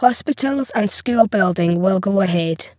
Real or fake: fake